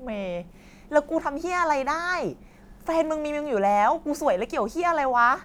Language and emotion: Thai, frustrated